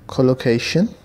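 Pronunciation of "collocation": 'Collocation' is pronounced correctly here.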